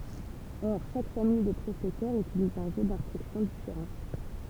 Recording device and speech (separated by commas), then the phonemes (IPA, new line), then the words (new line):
temple vibration pickup, read sentence
ɔʁ ʃak famij də pʁosɛsœʁz ytiliz œ̃ ʒø dɛ̃stʁyksjɔ̃ difeʁɑ̃
Or chaque famille de processeurs utilise un jeu d'instructions différent.